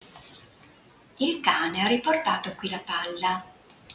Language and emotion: Italian, neutral